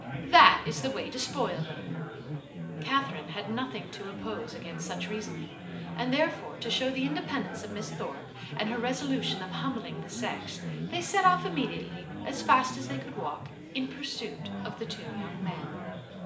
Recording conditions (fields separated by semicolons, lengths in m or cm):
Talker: one person; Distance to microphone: 1.8 m; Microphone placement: close; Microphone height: 1.0 m; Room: large; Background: babble